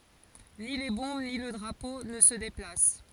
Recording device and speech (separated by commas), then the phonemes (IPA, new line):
forehead accelerometer, read sentence
ni le bɔ̃b ni lə dʁapo nə sə deplas